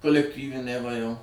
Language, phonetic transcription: Lithuanian, kolekˈtyviniai va jau

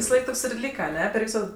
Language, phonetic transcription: Lithuanian, visaˈlaik ˈtoks ir ˈlyka aˈne per ˈvyso

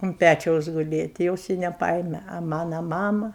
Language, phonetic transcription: Lithuanian, un ˈpæčiaus guˈlė ti ˈjos i neˈpaėme a ˈmana ˈmama

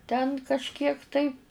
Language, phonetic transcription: Lithuanian, ten kažˈkiek tai

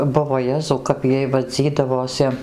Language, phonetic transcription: Lithuanian, ˈbuvo ˈjezau kap ˈjiej vaˈdzydavosi

